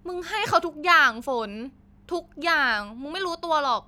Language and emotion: Thai, frustrated